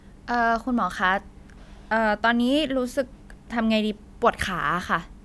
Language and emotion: Thai, neutral